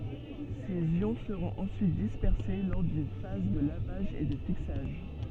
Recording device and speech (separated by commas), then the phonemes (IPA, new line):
soft in-ear microphone, read sentence
sez jɔ̃ səʁɔ̃t ɑ̃syit dispɛʁse lɔʁ dyn faz də lavaʒ e də fiksaʒ